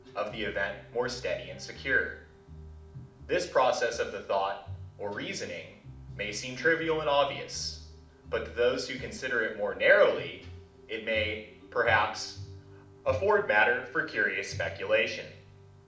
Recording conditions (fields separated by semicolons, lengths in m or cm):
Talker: one person; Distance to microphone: 2.0 m; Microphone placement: close; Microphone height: 99 cm; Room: medium-sized (5.7 m by 4.0 m); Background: music